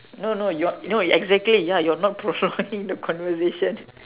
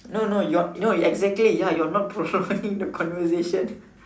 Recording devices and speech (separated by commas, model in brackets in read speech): telephone, standing microphone, conversation in separate rooms